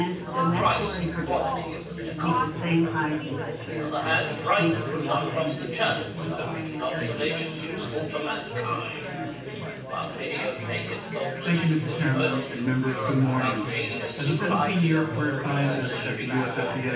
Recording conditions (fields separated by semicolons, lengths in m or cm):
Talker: one person; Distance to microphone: 9.8 m; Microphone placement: far; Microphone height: 1.8 m; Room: large; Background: babble